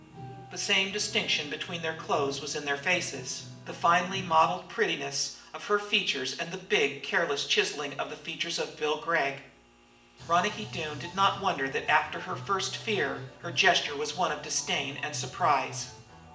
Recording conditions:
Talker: one person; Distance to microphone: 1.8 m; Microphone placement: close; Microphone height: 1.0 m; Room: large; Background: music

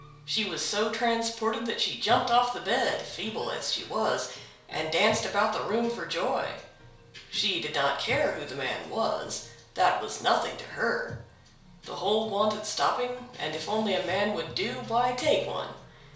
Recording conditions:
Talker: one person; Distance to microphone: 1.0 m; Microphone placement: close; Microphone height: 1.1 m; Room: small (3.7 m by 2.7 m); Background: music

